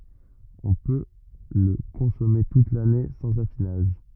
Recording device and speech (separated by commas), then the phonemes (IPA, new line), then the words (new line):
rigid in-ear microphone, read sentence
ɔ̃ pø lə kɔ̃sɔme tut lane sɑ̃z afinaʒ
On peut le consommer toute l'année sans affinage.